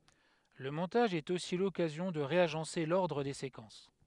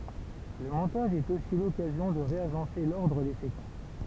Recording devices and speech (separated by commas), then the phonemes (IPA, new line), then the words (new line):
headset microphone, temple vibration pickup, read sentence
lə mɔ̃taʒ ɛt osi lɔkazjɔ̃ də ʁeaʒɑ̃se lɔʁdʁ de sekɑ̃s
Le montage est aussi l'occasion de réagencer l'ordre des séquences.